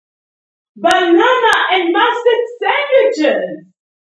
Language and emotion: English, surprised